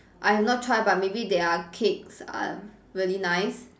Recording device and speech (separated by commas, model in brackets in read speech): standing microphone, conversation in separate rooms